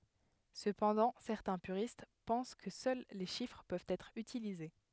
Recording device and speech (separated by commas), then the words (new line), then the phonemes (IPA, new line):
headset microphone, read sentence
Cependant, certains puristes pensent que seuls les chiffres peuvent être utilisés.
səpɑ̃dɑ̃ sɛʁtɛ̃ pyʁist pɑ̃s kə sœl le ʃifʁ pøvt ɛtʁ ytilize